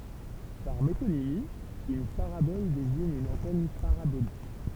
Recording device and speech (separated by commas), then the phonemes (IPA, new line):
temple vibration pickup, read sentence
paʁ metonimi yn paʁabɔl deziɲ yn ɑ̃tɛn paʁabolik